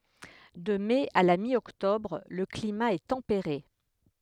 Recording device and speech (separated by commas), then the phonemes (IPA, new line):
headset microphone, read sentence
də mɛ a la mjɔktɔbʁ lə klima ɛ tɑ̃peʁe